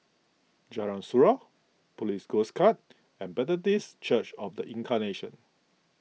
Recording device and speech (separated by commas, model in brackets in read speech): mobile phone (iPhone 6), read sentence